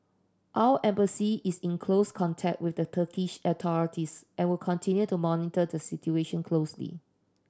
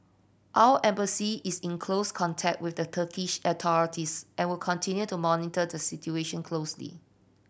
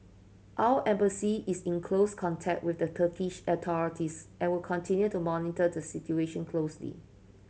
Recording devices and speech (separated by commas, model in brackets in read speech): standing microphone (AKG C214), boundary microphone (BM630), mobile phone (Samsung C7100), read sentence